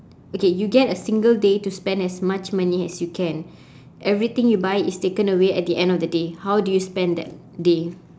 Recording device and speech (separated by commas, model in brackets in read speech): standing microphone, conversation in separate rooms